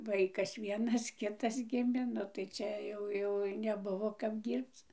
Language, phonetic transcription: Lithuanian, ˈvaikas ˈvienas ˈkitas ˈgimė ˈnu tai ˈčia jau jau neˈbuvo kap ˈdyrbc

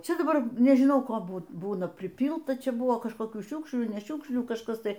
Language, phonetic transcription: Lithuanian, ˈčia daˈbar nežiˈnau ˈko ˈbū ˈbūna priˈpylta ˈčia ˈbuvo kažkoˈkių ˈšiukšlių ne ˈšiukšlių kažˈkas ˈtai

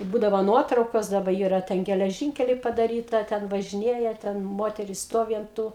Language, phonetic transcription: Lithuanian, i ˈbūdavo ˈnuotraukos daˈba ˈyra ˈten geleˈžynkeliai padaˈryta ˈten važiˈnėja ten ˈmoteris ˈstovi ant ˈtų

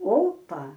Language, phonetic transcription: Lithuanian, ˈopa

